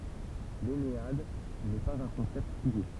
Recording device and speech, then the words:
temple vibration pickup, read sentence
L'ennéade n'est pas un concept figé.

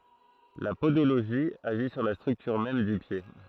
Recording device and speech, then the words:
throat microphone, read sentence
La podologie agit sur la structure même du pied.

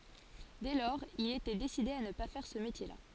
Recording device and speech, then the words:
forehead accelerometer, read sentence
Dès lors, il était décidé à ne pas faire ce métier-là.

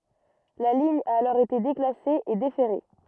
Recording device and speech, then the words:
rigid in-ear microphone, read sentence
La ligne a alors été déclassée et déferrée.

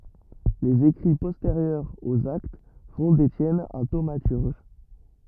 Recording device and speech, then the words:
rigid in-ear microphone, read sentence
Les écrits postérieurs aux Actes font d’Étienne un thaumaturge.

